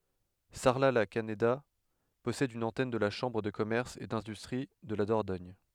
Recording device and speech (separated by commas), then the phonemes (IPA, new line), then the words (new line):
headset microphone, read sentence
saʁlatlakaneda pɔsɛd yn ɑ̃tɛn də la ʃɑ̃bʁ də kɔmɛʁs e dɛ̃dystʁi də la dɔʁdɔɲ
Sarlat-la-Canéda possède une antenne de la Chambre de commerce et d'industrie de la Dordogne.